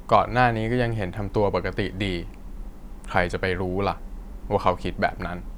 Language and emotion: Thai, frustrated